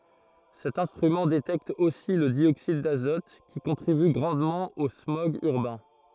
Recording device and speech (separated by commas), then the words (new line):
throat microphone, read sentence
Cet instrument détecte aussi le dioxyde d'azote, qui contribue grandement aux smogs urbains.